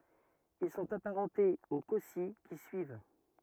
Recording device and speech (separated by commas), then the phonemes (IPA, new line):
rigid in-ear microphone, read sentence
il sɔ̃t apaʁɑ̃tez o kɔsi ki syiv